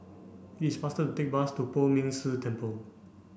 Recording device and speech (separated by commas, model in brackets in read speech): boundary microphone (BM630), read sentence